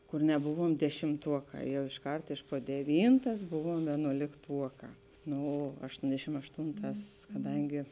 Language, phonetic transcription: Lithuanian, kur neˈbuvuom dešimˈtuoˌkā ˈjau išˈkart iš po deˈvyntas ˈbuvuom vėnuolikˈtuokā ˈno ašˈtondešim ašˈtūnˌtās kaˈdangi

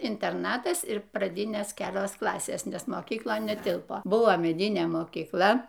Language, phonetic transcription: Lithuanian, interˈnatas ir praˈdinės ˈkelios ˈklasės nes mokykˈlon neˈtilpo ˈbuvo meˈdinė mokykˈla

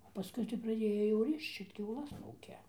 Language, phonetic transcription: Lithuanian, paˈskui tai praˈdėjo jau ˈrišč ir kiauˈlas ˈūkia

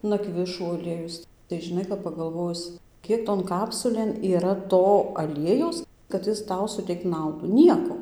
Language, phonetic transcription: Lithuanian, naˈkvišų aˈliejus tai žiˈnai kap pagalˈvojus ˈkiek ton ˈkapsulėn yˈra ˈto aˈliejaus kad ˈjis ˈtau suˈteikt ˈnaudų ˈnieko

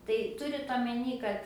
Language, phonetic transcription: Lithuanian, tai ˈturit omeˈny kad

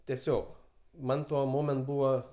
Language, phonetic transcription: Lithuanian, teˈsiog ˈman ˈtuo ˈmoment ˈbūva

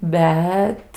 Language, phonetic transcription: Lithuanian, ˈbet

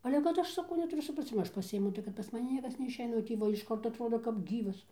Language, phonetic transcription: Lithuanian, ˈale kad ˈaš saˈkau netuˈriu supraˈcima ˈaš pasiˈimu tai kad pas maˈni ˈniekas neišˈeina o tį ˈva išˈkart atˈrodo kap ˈgyvas

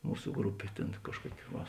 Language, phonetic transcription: Lithuanian, ˈmūsu ˈgrupė ˈtėn ˈkažˌkuoki va

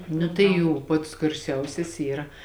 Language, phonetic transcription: Lithuanian, ˈnu tai ˈjų ˈpats garˈsiausias ˈyra

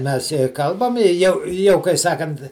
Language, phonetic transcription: Lithuanian, ˈmes je ˈkalbam i ˈjau ˈjau kai ˈsakant

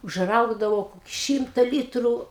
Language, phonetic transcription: Lithuanian, užˈraugdavau ˈšymta ˈlytrų

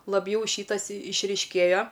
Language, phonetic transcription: Lithuanian, labˈjau ˈšytas išryšˈkėjo

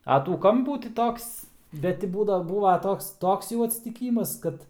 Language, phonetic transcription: Lithuanian, a ˈtų ˈkampų ti ˈtoks bet ˈti ˈbūdav ˈbūva ˈtoks ˈtoks jau atsitiˈkymas ˈkad

